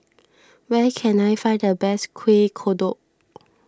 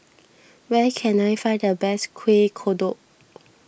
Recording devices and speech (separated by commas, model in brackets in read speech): standing microphone (AKG C214), boundary microphone (BM630), read sentence